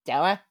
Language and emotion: Thai, happy